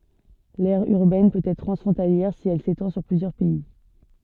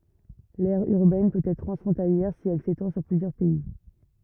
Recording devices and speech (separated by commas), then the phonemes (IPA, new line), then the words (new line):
soft in-ear microphone, rigid in-ear microphone, read sentence
lɛʁ yʁbɛn pøt ɛtʁ tʁɑ̃sfʁɔ̃taljɛʁ si ɛl setɑ̃ syʁ plyzjœʁ pɛi
L'aire urbaine peut être transfrontalière si elle s'étend sur plusieurs pays.